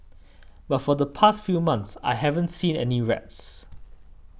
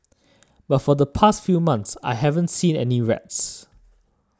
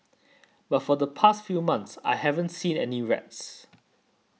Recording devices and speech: boundary microphone (BM630), standing microphone (AKG C214), mobile phone (iPhone 6), read sentence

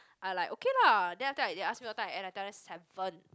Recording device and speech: close-talking microphone, conversation in the same room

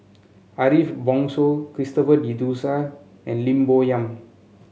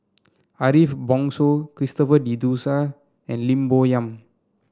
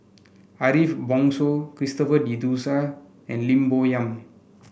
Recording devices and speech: mobile phone (Samsung C7), standing microphone (AKG C214), boundary microphone (BM630), read sentence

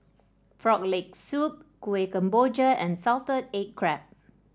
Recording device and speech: standing microphone (AKG C214), read sentence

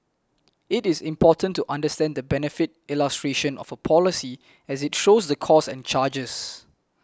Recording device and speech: close-talking microphone (WH20), read sentence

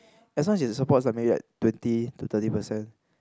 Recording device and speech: close-talking microphone, conversation in the same room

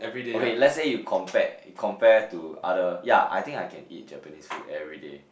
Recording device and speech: boundary microphone, conversation in the same room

